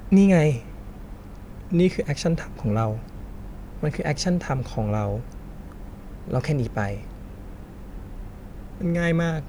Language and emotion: Thai, frustrated